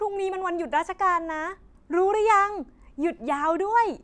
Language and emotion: Thai, happy